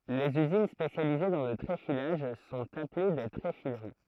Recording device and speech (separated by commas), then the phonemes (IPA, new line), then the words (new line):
throat microphone, read sentence
lez yzin spesjalize dɑ̃ lə tʁefilaʒ sɔ̃t aple de tʁefiləʁi
Les usines spécialisées dans le tréfilage sont appelées des tréfileries.